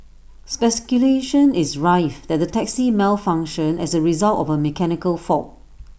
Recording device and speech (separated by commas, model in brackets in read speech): boundary microphone (BM630), read sentence